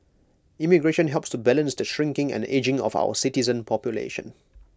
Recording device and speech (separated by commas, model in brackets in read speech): close-talking microphone (WH20), read sentence